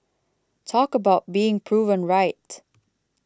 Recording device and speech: close-talking microphone (WH20), read sentence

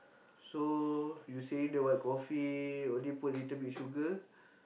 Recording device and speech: boundary microphone, conversation in the same room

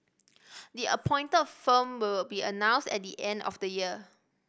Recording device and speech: boundary microphone (BM630), read sentence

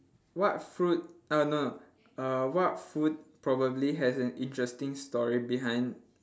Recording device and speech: standing microphone, conversation in separate rooms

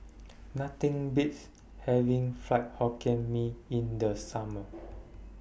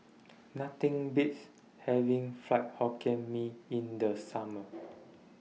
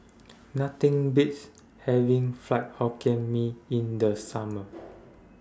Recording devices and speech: boundary microphone (BM630), mobile phone (iPhone 6), standing microphone (AKG C214), read sentence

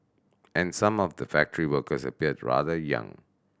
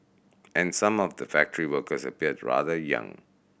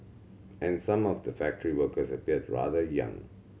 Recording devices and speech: standing microphone (AKG C214), boundary microphone (BM630), mobile phone (Samsung C7100), read sentence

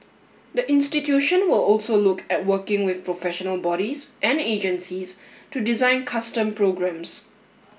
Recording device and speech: boundary microphone (BM630), read sentence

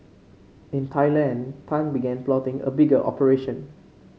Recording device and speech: mobile phone (Samsung C5), read sentence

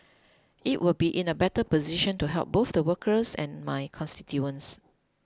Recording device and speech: close-talking microphone (WH20), read sentence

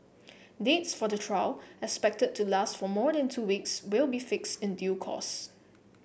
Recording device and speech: boundary microphone (BM630), read sentence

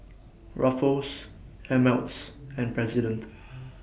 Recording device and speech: boundary microphone (BM630), read sentence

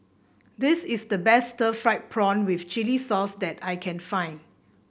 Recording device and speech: boundary microphone (BM630), read sentence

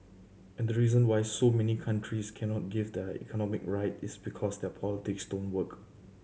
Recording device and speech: mobile phone (Samsung C7100), read sentence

